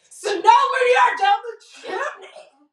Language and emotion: English, disgusted